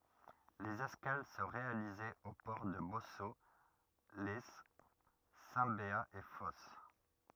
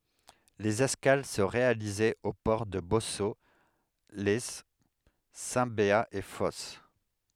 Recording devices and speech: rigid in-ear microphone, headset microphone, read sentence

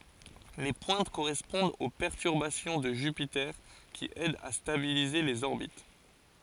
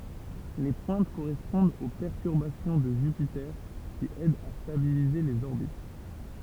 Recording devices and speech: forehead accelerometer, temple vibration pickup, read sentence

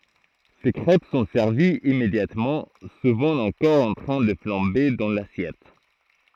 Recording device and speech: throat microphone, read sentence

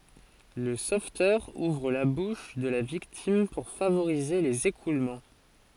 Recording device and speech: forehead accelerometer, read sentence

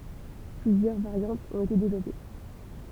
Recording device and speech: temple vibration pickup, read sentence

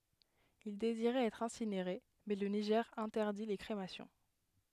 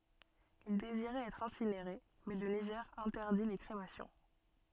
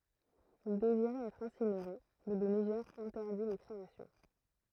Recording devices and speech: headset microphone, soft in-ear microphone, throat microphone, read sentence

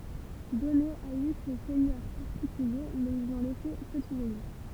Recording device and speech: temple vibration pickup, read sentence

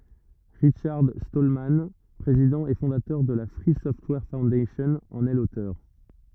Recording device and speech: rigid in-ear microphone, read sentence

